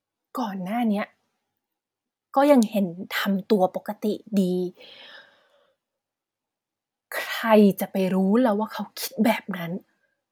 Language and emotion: Thai, neutral